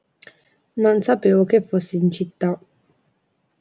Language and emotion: Italian, neutral